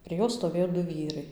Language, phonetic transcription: Lithuanian, prie ˈjos stoˈvėjo ˈdu ˈvyrai

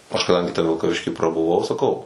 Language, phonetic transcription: Lithuanian, ˈaš kaˈdangi te vilkaˈvišky prabuˈvau saˈkau

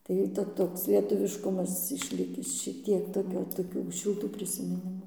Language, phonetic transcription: Lithuanian, ˈtai ta ˈtoks lietuˈviškumas išˈlikis šiˈtiek toˈkio toˈkių šilˈtų prisimiˈnimų

